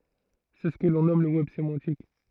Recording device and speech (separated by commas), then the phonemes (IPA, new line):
throat microphone, read sentence
sɛ sə kə lɔ̃ nɔm lə wɛb semɑ̃tik